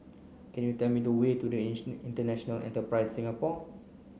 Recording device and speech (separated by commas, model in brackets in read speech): mobile phone (Samsung C9), read sentence